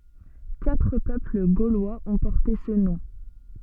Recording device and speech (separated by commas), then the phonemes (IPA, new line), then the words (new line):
soft in-ear microphone, read sentence
katʁ pøpl ɡolwaz ɔ̃ pɔʁte sə nɔ̃
Quatre peuples gaulois ont porté ce nom.